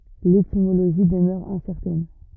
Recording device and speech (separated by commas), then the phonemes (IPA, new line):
rigid in-ear microphone, read sentence
letimoloʒi dəmœʁ ɛ̃sɛʁtɛn